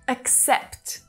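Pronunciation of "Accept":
In 'accept', there is a stop on the k sound. The first syllable is unstressed and reduces to a schwa, and the second syllable is the stronger one.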